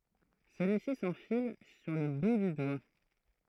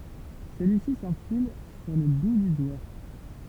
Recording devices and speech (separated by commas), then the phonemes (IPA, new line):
throat microphone, temple vibration pickup, read sentence
səlyisi sɑ̃fil syʁ lə bu dy dwa